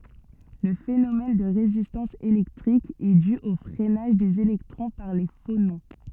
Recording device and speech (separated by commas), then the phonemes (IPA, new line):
soft in-ear microphone, read sentence
lə fenomɛn də ʁezistɑ̃s elɛktʁik ɛ dy o fʁɛnaʒ dez elɛktʁɔ̃ paʁ le fonɔ̃